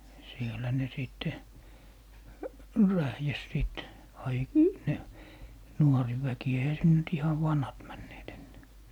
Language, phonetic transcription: Finnish, sielä ne 'sìtte , 'rähjäs sìt , ai- , ne , "nuori'väki eihä 'sin nyt "ihav 'vanhat männeet ennää .
- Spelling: siellä ne sitten rähjäsi sitten - ne nuoriväki eihän sinne nyt ihan vanhat menneet enää

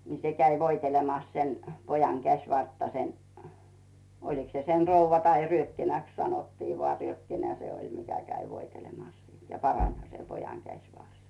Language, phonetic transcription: Finnish, ni 'se 'käi 'voitelemas sen , 'pojaŋ 'käs̀vartta sen , 'oliks se sen̬ "rouvva tai 'ryökkinäks sanottii voà ryökkinä se oĺ mikä käi 'voitelemas siin ja "paraǹha se 'pojaŋ "käśvars .
- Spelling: niin se kävi voitelemassa sen pojan käsivartta sen olikos se sen rouva tai ryökkinäksi sanottiin vain ryökkinä se oli mikä kävi voitelemassa siinä ja paranihan se pojan käsivarsi

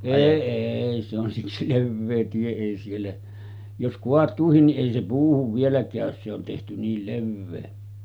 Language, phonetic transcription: Finnish, 'èi 'èi se on siksi "levvee 'tie ei siellä , jos 'koat̀uuhin ni’ ’èi se puuhuv vielä kä̀ös se on tehty 'niil 'levvee .
- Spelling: ei ei se on siksi leveä tie ei siellä jos kaatuukin niin ei se puuhun vielä käy se on tehty niin leveä

